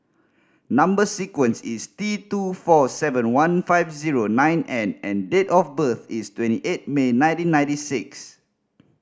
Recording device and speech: standing microphone (AKG C214), read sentence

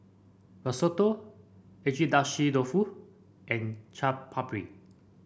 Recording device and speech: boundary microphone (BM630), read sentence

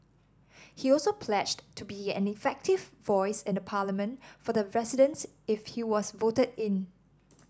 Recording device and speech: standing microphone (AKG C214), read sentence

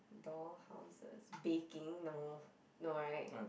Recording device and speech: boundary microphone, conversation in the same room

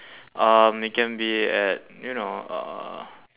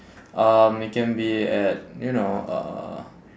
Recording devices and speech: telephone, standing microphone, conversation in separate rooms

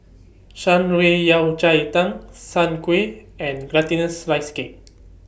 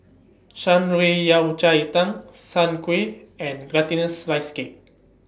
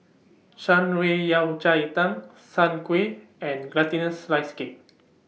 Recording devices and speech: boundary microphone (BM630), standing microphone (AKG C214), mobile phone (iPhone 6), read sentence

